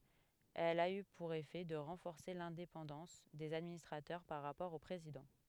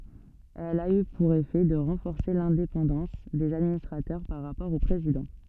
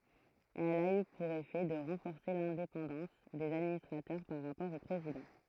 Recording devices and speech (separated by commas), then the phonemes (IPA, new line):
headset microphone, soft in-ear microphone, throat microphone, read sentence
ɛl a y puʁ efɛ də ʁɑ̃fɔʁse lɛ̃depɑ̃dɑ̃s dez administʁatœʁ paʁ ʁapɔʁ o pʁezidɑ̃